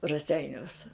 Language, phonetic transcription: Lithuanian, raˈseiniuos

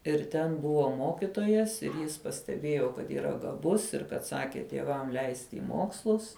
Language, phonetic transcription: Lithuanian, ir ˈten ˈbuvo ˈmokitojas ir ˈjis pasteˈbėjo kad yˈra gaˈbus ir kad ˈsaki tieˈvam ˈleisti i ˈmokslus

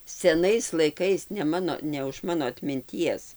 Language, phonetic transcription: Lithuanian, seˈnais laiˈkais ne ˈmano ne už ˈmano atminˈties

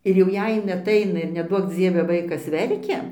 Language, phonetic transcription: Lithuanian, ir jau ˈjei ˈjin aˈtaina ir neˈduok dzieve ˈvaikas ˈverkia

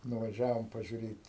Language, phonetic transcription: Lithuanian, nuvaˈžiavom pažiuˈrėt'

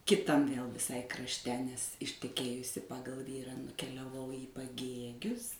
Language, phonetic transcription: Lithuanian, kiˈtam vėl viˈsai krašˈte nes išteˈkėjusi ˈpagal ˈvyrą nukeliaˈvau į paˈgėgius

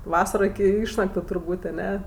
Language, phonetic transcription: Lithuanian, ˈvasaro iki ˈišnaktu turˈbūt' aˈne

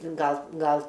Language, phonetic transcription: Lithuanian, ˈgal ˈgal

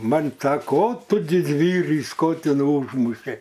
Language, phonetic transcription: Lithuanian, ˈman' ˈsako o ˈtu didˈvyrys ˈkotinų ˈūžmušei

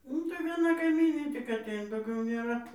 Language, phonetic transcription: Lithuanian, ˈnu tai vieˈna kaiˈmynė tik aˈteina dauˈgiau nėˈra

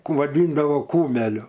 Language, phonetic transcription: Lithuanian, vaˈdyndavo ˈkumeliu

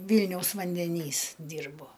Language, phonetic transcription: Lithuanian, ˈvylniaus vandeˈnys ˈdyrbo

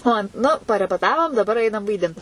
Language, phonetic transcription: Lithuanian, ˈo ˈnu parepeˈtavom daˈbar ˈainam vaiˈdint

